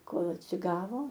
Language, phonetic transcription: Lithuanian, ˈkol atsiˈgavo

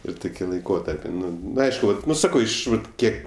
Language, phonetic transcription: Lithuanian, ir ˈtuki laiˈkotarpi ˈnu nu ˈaišku nu ˈsakau ˈiš ˈvat ˈkiek

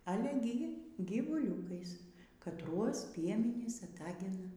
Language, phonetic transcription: Lithuanian, aˈle gi gyvuˈliūkais katˈruos ˈpiemenys aˈtagina

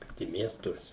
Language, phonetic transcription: Lithuanian, ˈkad i ˈmiestuose

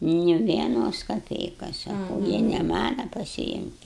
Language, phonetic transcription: Lithuanian, ni vieˈnos kaˈpeikas saˈkau jei ne ˈmana pasiˈimkit

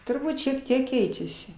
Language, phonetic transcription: Lithuanian, turˈbūt šiek ˈtiek ˈkeičiasi

